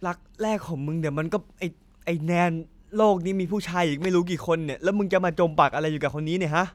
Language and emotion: Thai, frustrated